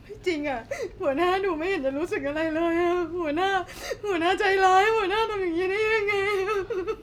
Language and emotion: Thai, sad